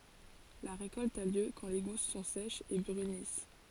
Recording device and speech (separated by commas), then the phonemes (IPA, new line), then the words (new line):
forehead accelerometer, read sentence
la ʁekɔlt a ljø kɑ̃ le ɡus sɔ̃ sɛʃz e bʁynis
La récolte a lieu quand les gousses sont sèches et brunissent.